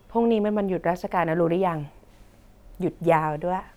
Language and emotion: Thai, neutral